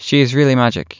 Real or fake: real